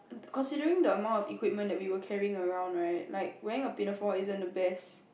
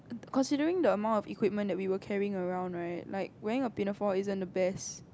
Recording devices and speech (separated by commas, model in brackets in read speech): boundary microphone, close-talking microphone, conversation in the same room